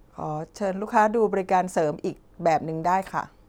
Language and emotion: Thai, neutral